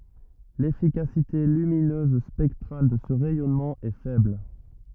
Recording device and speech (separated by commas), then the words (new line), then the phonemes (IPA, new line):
rigid in-ear microphone, read sentence
L'efficacité lumineuse spectrale de ce rayonnement est faible.
lefikasite lyminøz spɛktʁal də sə ʁɛjɔnmɑ̃ ɛ fɛbl